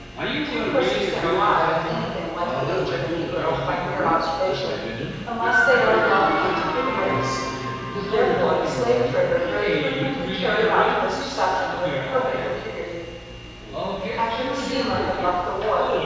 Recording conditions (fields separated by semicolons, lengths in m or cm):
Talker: one person; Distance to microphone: 7.1 m; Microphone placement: far; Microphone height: 1.7 m; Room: very reverberant, large; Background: television